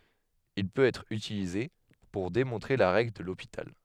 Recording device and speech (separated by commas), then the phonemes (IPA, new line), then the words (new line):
headset microphone, read sentence
il pøt ɛtʁ ytilize puʁ demɔ̃tʁe la ʁɛɡl də lopital
Il peut être utilisé pour démontrer la règle de L'Hôpital.